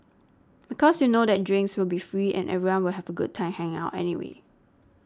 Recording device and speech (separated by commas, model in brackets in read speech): standing microphone (AKG C214), read sentence